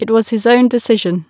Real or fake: real